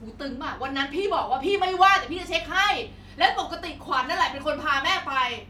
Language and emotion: Thai, angry